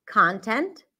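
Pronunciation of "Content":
The o in 'content' is said with the open ah sound, as in 'father'.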